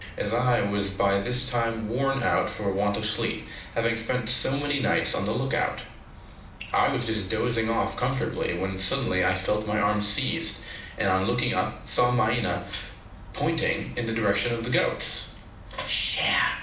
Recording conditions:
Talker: one person; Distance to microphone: 2.0 m; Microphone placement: close; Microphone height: 99 cm; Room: medium-sized (5.7 m by 4.0 m); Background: television

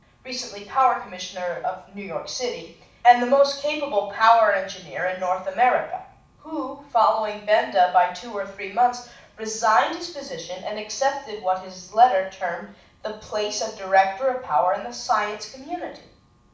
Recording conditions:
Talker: one person; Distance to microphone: 5.8 m; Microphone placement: far; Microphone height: 1.8 m; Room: medium-sized (5.7 m by 4.0 m); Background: none

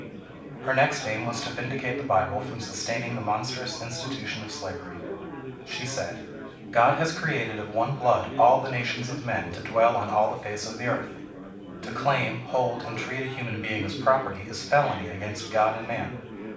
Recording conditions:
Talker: one person; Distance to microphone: 5.8 m; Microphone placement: far; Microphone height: 1.8 m; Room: medium-sized (5.7 m by 4.0 m); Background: babble

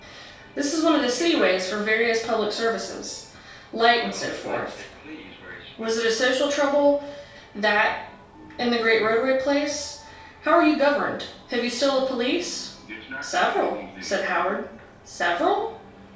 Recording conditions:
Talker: one person; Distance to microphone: 3.0 m; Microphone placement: far; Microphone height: 1.8 m; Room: small (3.7 m by 2.7 m); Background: television

